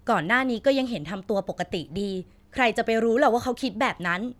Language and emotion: Thai, frustrated